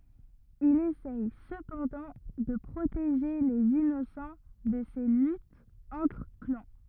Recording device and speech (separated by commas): rigid in-ear microphone, read sentence